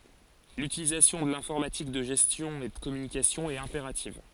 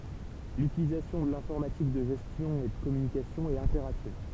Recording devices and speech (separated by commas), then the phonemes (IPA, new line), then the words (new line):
forehead accelerometer, temple vibration pickup, read sentence
lytilizasjɔ̃ də lɛ̃fɔʁmatik də ʒɛstjɔ̃ e də kɔmynikasjɔ̃ ɛt ɛ̃peʁativ
L'utilisation de l'informatique de gestion et de communication est impérative.